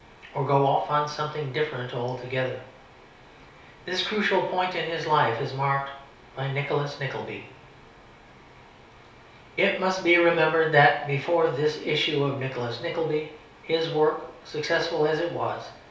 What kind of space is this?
A small space.